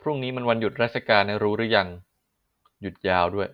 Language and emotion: Thai, neutral